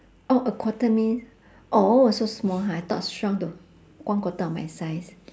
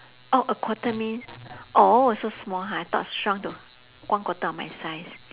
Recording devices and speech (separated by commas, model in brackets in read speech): standing microphone, telephone, conversation in separate rooms